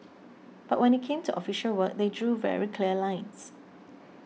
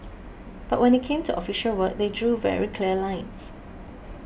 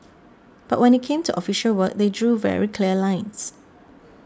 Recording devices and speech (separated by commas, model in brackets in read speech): mobile phone (iPhone 6), boundary microphone (BM630), standing microphone (AKG C214), read sentence